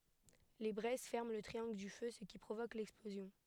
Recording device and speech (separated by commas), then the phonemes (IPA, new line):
headset microphone, read sentence
le bʁɛz fɛʁmɑ̃ lə tʁiɑ̃ɡl dy fø sə ki pʁovok lɛksplozjɔ̃